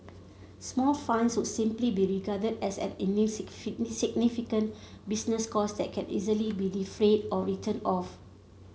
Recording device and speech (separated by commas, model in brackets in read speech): mobile phone (Samsung C7), read sentence